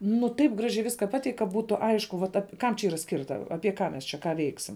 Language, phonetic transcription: Lithuanian, nuˈ taip ˈgražiai ˈviska ˈpateik' ka ˈbūtu ˈaišku vat ap kam čia ˈyra ˈskirta ˈapie ˈką mes ˈčia ką ˈveiksim

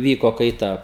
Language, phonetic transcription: Lithuanian, ˈvyko kaiˈta

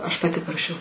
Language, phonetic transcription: Lithuanian, ˈaš paˈti paraˈšiau

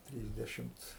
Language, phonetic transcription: Lithuanian, ˈtrysdešimc

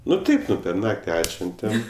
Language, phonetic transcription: Lithuanian, ˈnu ˈtaip ˈnu per ˈnakti ˈatšventem

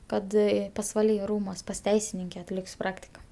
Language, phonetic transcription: Lithuanian, ˈkad pasvaˈly ˈrūmuos pas ˈteisininke atˈlik's' ˈpraktika

